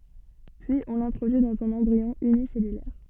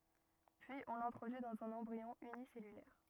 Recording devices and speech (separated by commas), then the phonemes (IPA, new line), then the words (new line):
soft in-ear microphone, rigid in-ear microphone, read sentence
pyiz ɔ̃ lɛ̃tʁodyi dɑ̃z œ̃n ɑ̃bʁiɔ̃ ynisɛlylɛʁ
Puis on l'introduit dans un embryon unicellulaire.